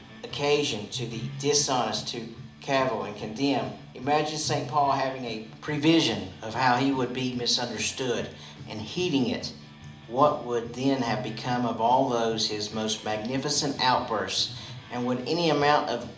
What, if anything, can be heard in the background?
Music.